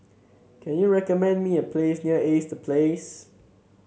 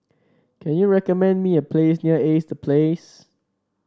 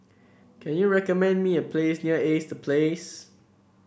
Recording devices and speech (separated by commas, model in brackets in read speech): mobile phone (Samsung C7), standing microphone (AKG C214), boundary microphone (BM630), read sentence